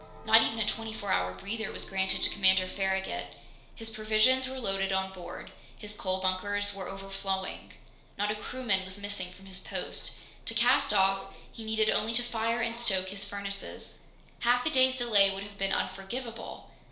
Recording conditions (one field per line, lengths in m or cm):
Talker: one person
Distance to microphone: 1.0 m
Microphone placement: close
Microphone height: 1.1 m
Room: small (3.7 m by 2.7 m)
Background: television